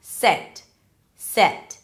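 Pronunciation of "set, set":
This is 'sit' said incorrectly, twice. It has a neutral e sound that doesn't exist in English instead of the vowel heard in 'kid' and 'rich'.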